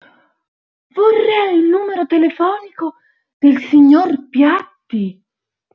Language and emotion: Italian, surprised